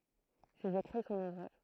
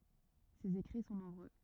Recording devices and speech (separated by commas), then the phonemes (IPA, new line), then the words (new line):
throat microphone, rigid in-ear microphone, read sentence
sez ekʁi sɔ̃ nɔ̃bʁø
Ses écrits sont nombreux.